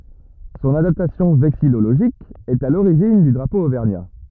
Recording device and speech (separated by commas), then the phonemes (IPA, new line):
rigid in-ear microphone, read sentence
sɔ̃n adaptasjɔ̃ vɛksijoloʒik ɛt a loʁiʒin dy dʁapo ovɛʁɲa